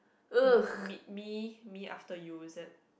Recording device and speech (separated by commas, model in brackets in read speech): boundary microphone, conversation in the same room